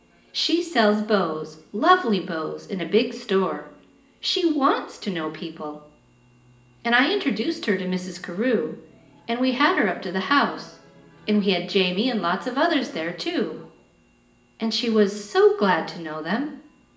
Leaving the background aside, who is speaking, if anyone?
One person.